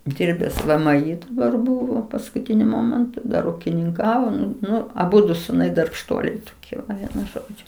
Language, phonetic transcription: Lithuanian, ˈdirbes ˈvɘ ˈmɘ ˈy daˈbar ˈbūvo paskuˈtiniu ˈmomentu ˈdar ukininˈkavo ˈnu ˈnu aˈbudu suˈnai darbšˈtuoliai toˈkie ai ˈvienu ˈžodžiu

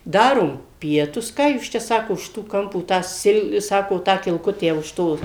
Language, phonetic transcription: Lithuanian, ˈdarom ˈpietus ˈką jūs ˈčia ˈsako už ˈto ˈkampo tą ˈsil ˈsako ˈtą kilˈkutę už ˈto

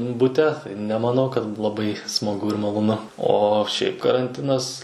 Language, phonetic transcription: Lithuanian, buˈte nemaˈnau kad laˈbai smaˈgu ir maloˈnu ˈo šiaip karanˈtinas

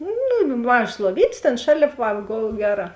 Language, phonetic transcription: Lithuanian, ˈnu nu ˈmažas luoˈvytės ˈtėn ˈšalėp ˈva ˈgol ˈgeˌrā

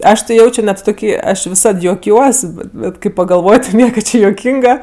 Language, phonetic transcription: Lithuanian, ˈaš ti ˈjaučio net toˈkį ˈaš viˈsad juoˈkiuos bet ˈbet kai pagalˈvoj ˈnieka ˈči juoˈkynga

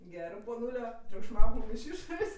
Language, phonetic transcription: Lithuanian, ˈgerɜ poˈnūlio triukšˈmauk mum iš ˈišorės'

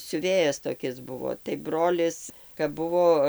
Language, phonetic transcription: Lithuanian, siuˈvėjas toˈkis ˈbuvo tai ˈbrolis kap ˈbuvo

